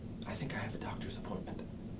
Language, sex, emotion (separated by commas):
English, male, fearful